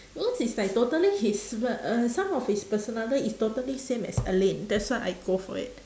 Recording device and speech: standing microphone, conversation in separate rooms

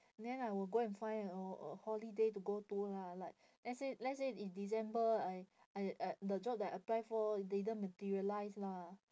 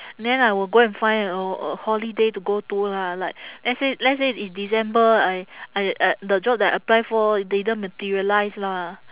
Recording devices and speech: standing microphone, telephone, conversation in separate rooms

